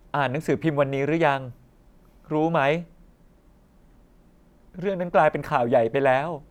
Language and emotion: Thai, sad